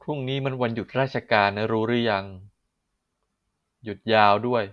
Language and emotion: Thai, neutral